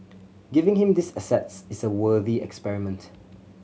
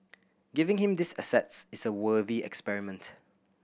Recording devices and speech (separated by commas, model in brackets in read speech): mobile phone (Samsung C7100), boundary microphone (BM630), read sentence